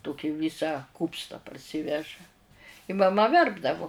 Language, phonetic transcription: Lithuanian, ˈtoki ˈvisa ˈkūpsta parˈsyveža i maˈma ˈverpdavu

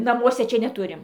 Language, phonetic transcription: Lithuanian, naˈmuose ˈčia neˈturim

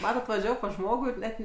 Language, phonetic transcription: Lithuanian, ˈmatat vaˈžiavo pas ˈžmogu ir ˈnet

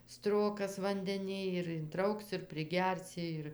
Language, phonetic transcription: Lithuanian, ˈstrokas vandeˈnij ir inˈtrauks ir priˈgersi ˈir

